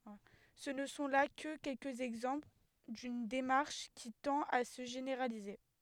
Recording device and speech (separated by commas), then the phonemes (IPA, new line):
headset microphone, read sentence
sə nə sɔ̃ la kə kɛlkəz ɛɡzɑ̃pl dyn demaʁʃ ki tɑ̃t a sə ʒeneʁalize